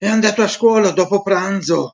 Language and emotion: Italian, angry